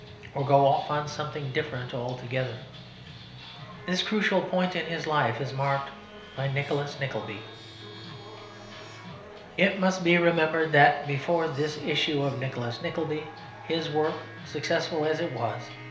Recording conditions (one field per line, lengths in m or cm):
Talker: one person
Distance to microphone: 1.0 m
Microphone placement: close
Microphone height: 1.1 m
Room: small (3.7 m by 2.7 m)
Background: music